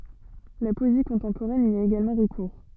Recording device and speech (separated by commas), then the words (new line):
soft in-ear microphone, read sentence
La poésie contemporaine y a également recours.